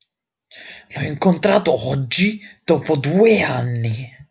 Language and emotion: Italian, angry